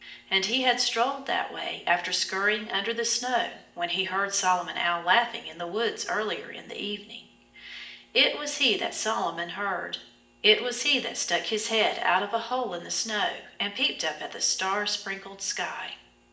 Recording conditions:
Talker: one person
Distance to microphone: 1.8 m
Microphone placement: close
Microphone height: 1.0 m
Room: large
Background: none

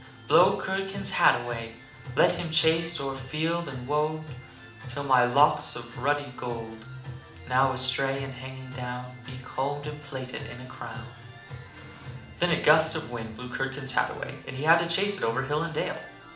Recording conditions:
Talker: one person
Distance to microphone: 2.0 m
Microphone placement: close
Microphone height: 99 cm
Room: medium-sized (5.7 m by 4.0 m)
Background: music

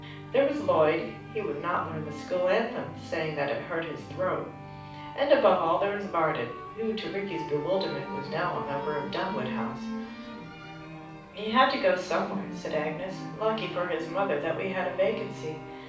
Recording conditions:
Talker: one person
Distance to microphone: 5.8 m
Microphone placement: far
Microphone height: 1.8 m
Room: medium-sized (5.7 m by 4.0 m)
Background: music

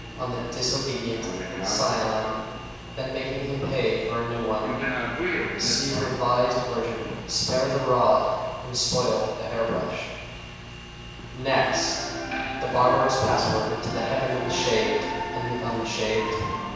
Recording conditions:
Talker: one person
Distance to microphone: 7.1 m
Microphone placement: far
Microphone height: 1.7 m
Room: very reverberant, large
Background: television

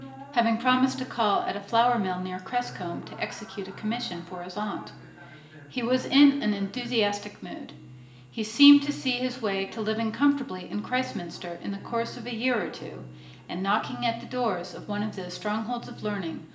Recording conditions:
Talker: one person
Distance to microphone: 1.8 m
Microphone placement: close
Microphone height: 1.0 m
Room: large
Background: television

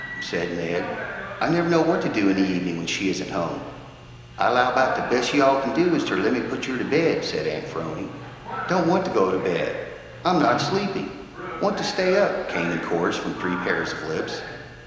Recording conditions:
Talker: one person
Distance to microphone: 1.7 m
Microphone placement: close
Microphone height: 1.0 m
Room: very reverberant, large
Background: television

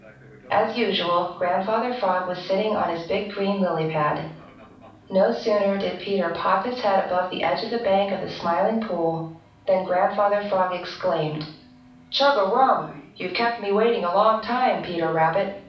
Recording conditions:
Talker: one person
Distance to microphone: 5.8 m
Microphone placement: far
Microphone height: 1.8 m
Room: medium-sized (5.7 m by 4.0 m)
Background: television

